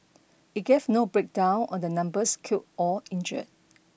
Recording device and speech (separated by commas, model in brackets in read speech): boundary microphone (BM630), read sentence